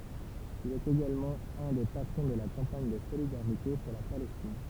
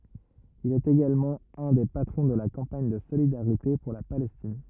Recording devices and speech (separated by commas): temple vibration pickup, rigid in-ear microphone, read sentence